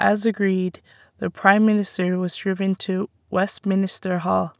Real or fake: real